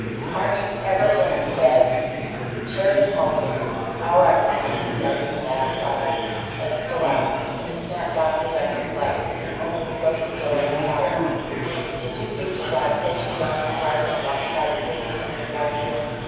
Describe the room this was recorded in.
A big, very reverberant room.